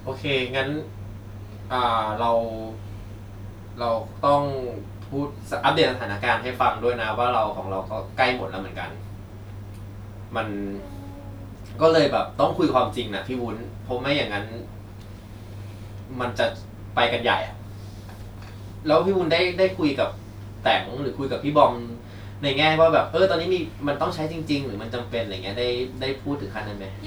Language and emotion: Thai, frustrated